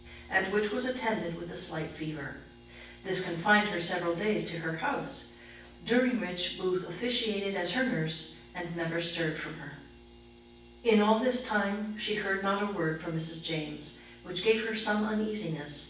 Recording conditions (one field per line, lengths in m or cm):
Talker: one person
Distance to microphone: 9.8 m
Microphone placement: far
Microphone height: 1.8 m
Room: large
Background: none